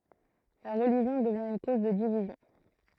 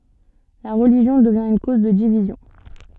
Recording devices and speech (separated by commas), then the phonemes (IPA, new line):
throat microphone, soft in-ear microphone, read sentence
la ʁəliʒjɔ̃ dəvjɛ̃ yn koz də divizjɔ̃